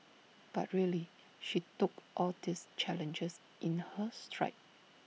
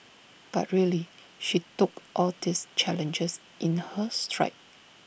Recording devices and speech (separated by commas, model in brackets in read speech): mobile phone (iPhone 6), boundary microphone (BM630), read sentence